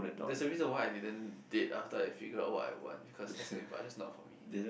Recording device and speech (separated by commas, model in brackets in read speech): boundary microphone, conversation in the same room